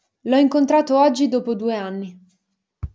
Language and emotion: Italian, neutral